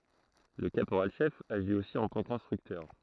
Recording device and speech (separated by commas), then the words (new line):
throat microphone, read sentence
Le caporal-chef agit aussi en tant qu'instructeur.